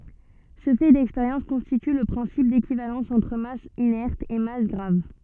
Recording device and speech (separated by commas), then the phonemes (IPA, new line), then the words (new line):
soft in-ear microphone, read sentence
sə fɛ dɛkspeʁjɑ̃s kɔ̃stity lə pʁɛ̃sip dekivalɑ̃s ɑ̃tʁ mas inɛʁt e mas ɡʁav
Ce fait d'expérience constitue le principe d'équivalence entre masse inerte et masse grave.